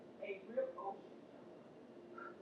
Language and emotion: English, neutral